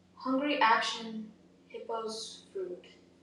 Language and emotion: English, sad